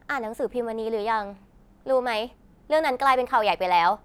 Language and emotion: Thai, frustrated